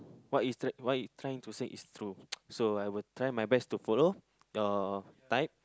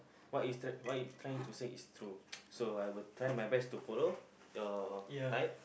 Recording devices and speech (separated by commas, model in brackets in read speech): close-talking microphone, boundary microphone, conversation in the same room